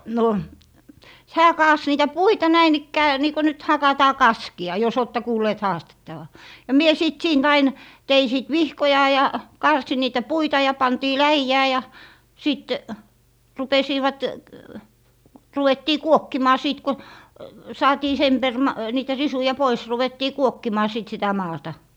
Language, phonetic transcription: Finnish, no , 'hää 'kaas niitä "puita 'näin ‿ikkää , niiko nyt 'hakataa "kaski₍a , jo's ‿oottɛ 'kuulleet haastettava , ja 'mie 'sit "siint ‿ain , 'tei sìt "vihkoja ja , 'karsi niitä "puita ja 'pantii "läijää ja , ja 'sìt , 'rupesiivat , 'ruwettii "kuokkimaa 'siit ko , 'saatii "sem per - ma - niitä 'risuja "pois 'ruvettii "kuokkimaa 'sit sitä 'maata .
- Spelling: no hän kaatoi niitä puita näin ikään niin kuin nyt hakataan kaskea jos olette kuulleet haastettavan ja minä sitten siitä aina tein sitten vihkoja ja karsin niitä puita ja pantiin läjään ja ja sitten rupesivat ruvettiin kuokkimaan siitä kun saatiin sen - - niitä risuja pois ruvettiin kuokkimaan sitten sitä maata

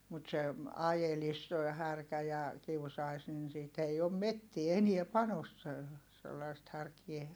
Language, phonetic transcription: Finnish, mut se , ajelis toi härkä ja , kiusai̮s nin siit ‿ei om mettie enie (panossee) , sellaist härkie .
- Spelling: mutta se ajelisi tuo härkä ja kiusaisi niin siitä ei ole metsään enää panossee sellaista härkää

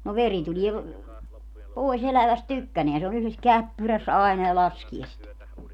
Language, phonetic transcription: Finnish, no 'veri tulie , 'pòi's ‿eläväst "tykkäneän se on yhles "käppyräs aena ja 'laskie sit .
- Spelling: no veri tulee pois elävästä tykkänään se on yhdessä käppyrässä aina ja laskee sitä

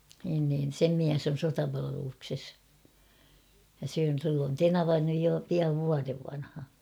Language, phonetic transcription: Finnish, niin niin̬ "sem 'miäs ‿on̬ "sotapalavelukses , ja sill ‿on "tenava nyj jo 'piav 'vuarev vanha .
- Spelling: niin niin sen mies on sotapalveluksessa ja sillä on tenava nyt jo pian vuoden vanha

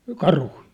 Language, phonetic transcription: Finnish, 'karhui ?
- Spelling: karhuja

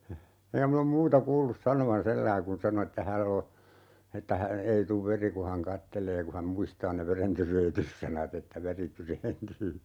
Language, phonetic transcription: Finnish, 'eŋkä min ‿om "muuta 'kuullus 'sanovan "selläi kun 'sano että 'häll ‿o , että hä- , 'ei tuv "veri ku han 'kattelee ku häm 'muistaa ne "verentyreetyssanat ‿että 'veri 'tyreentyy .
- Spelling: enkä minä ole muuta kuullut sanovan sillä lailla kun sanoi että hänellä on että - ei tule veri kun hän katselee kun hän muistaa ne verentyreennytyssanat että veri tyreentyy

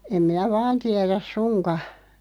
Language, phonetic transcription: Finnish, 'em minä "vaan 'tiɛräs "suŋka .
- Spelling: en minä vain tiedä suinkaan

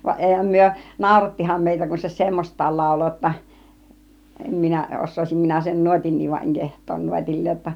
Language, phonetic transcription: Finnish, vaˀ "ˀèihäm 'myö , "nàurattiham 'mèitä kun se "semmost̆taal 'làulo ‿otta , "em 'minä , 'os̆sòisim 'minä sen "nuotin̆niv va 'eŋ "keht̆toon 'nuotil͕̀l͕ee(j j)otta .
- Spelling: vaan eihän me naurattihan meitä kun se semmoista lauloi jotta en minä osaisin minä sen nuotinkin vaan en kehtaa nuotilleen jotta

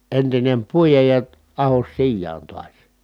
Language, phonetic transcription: Finnish, entinem puijaj ja , ahos sijjaan tuas .
- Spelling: entinen puida ja ahdos sijaan taas

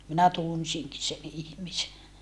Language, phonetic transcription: Finnish, minä tunsiŋki sen ‿ihmise .
- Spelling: minä tunsinkin sen ihmisen

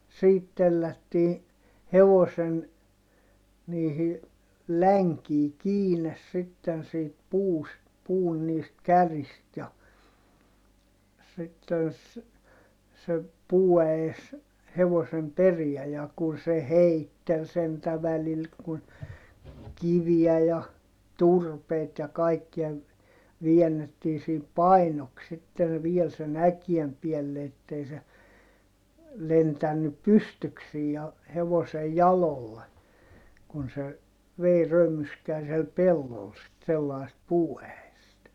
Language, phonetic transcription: Finnish, siit tellättii , hevosen , niihi , läŋkii kiines sitten siit puust , puun niist kärist ja , sitten ‿s- , se , puuäes , hevosem periä ja kun se heittel sentä välil kun , kiviä ja , turpeit ja kaikkia , viɛnnettii siip painoks sitten viel sen ‿äkiem piɛlle ettei se , lentännyp pystyksiij ja , hevosej jalolle , kun se , vei römyskää siel pellol sit sellaist puuäest .
- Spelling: siitä tellättiin hevosen niihin länkiin kiinni sitten siitä puusta puun niistä kärjistä ja sitten - se puuäes hevosen perään ja kun se heitteli sentään välillä kun kiviä ja turpeita ja kaikkia väännettiin siinä painoksi sitten vielä sen äkeen päälle että ei se lentänyt pystyksiin ja hevosen jaloille kun se vei römyskään siellä pellolla sitten sellaista puuäestä

